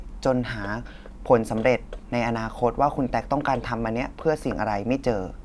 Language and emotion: Thai, neutral